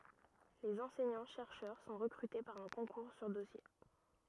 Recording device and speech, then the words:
rigid in-ear microphone, read sentence
Les enseignants-chercheurs sont recrutés par un concours sur dossier.

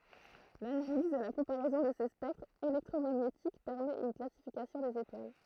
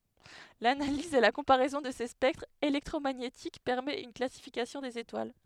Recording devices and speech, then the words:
throat microphone, headset microphone, read sentence
L'analyse et la comparaison de ces spectres électromagnétiques permet une classification des étoiles.

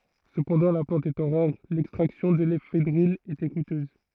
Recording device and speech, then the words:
throat microphone, read sentence
Cependant, la plante étant rare, l'extraction de l'éphédrine était coûteuse.

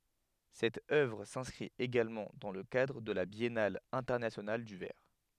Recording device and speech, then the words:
headset microphone, read sentence
Cette œuvre s'inscrit également dans le cadre de la Biennale Internationale du Verre.

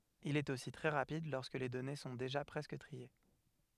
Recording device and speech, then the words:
headset microphone, read sentence
Il est aussi très rapide lorsque les données sont déjà presque triées.

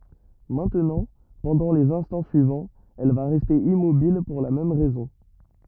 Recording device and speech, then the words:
rigid in-ear microphone, read sentence
Maintenant, pendant les instants suivants, elle va rester immobile pour la même raison.

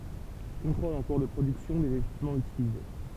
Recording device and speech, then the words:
temple vibration pickup, read sentence
Contrôles en cours de production des équipements utilisés.

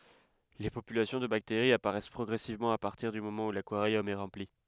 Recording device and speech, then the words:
headset microphone, read sentence
Les populations de bactéries apparaissent progressivement à partir du moment où l'aquarium est rempli.

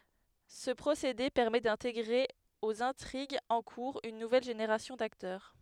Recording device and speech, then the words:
headset microphone, read sentence
Ce procédé permet d'intégrer aux intrigues en cours une nouvelle génération d'acteurs.

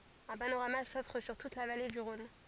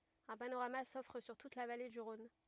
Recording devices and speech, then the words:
forehead accelerometer, rigid in-ear microphone, read sentence
Un panorama s'offre sur toute la vallée du Rhône.

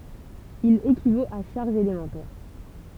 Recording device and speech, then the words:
temple vibration pickup, read sentence
Il équivaut à charges élémentaires.

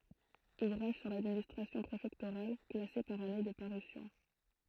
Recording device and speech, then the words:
throat microphone, read sentence
Ouvrages sur l'administration préfectorale, classés par année de parution.

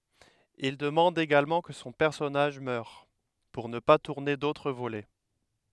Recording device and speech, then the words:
headset microphone, read sentence
Il demande également que son personnage meure, pour ne pas tourner d'autres volets.

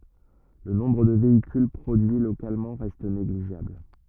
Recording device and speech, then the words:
rigid in-ear microphone, read sentence
Le nombre de véhicules produits localement reste négligeable.

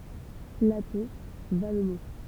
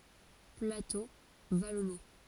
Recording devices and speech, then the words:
temple vibration pickup, forehead accelerometer, read sentence
Plateau vallonné.

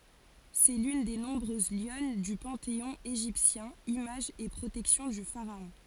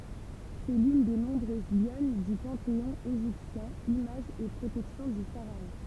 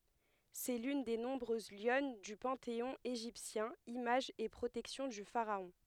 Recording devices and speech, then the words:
forehead accelerometer, temple vibration pickup, headset microphone, read sentence
C'est l'une des nombreuses lionnes du panthéon égyptien, image et protection du pharaon.

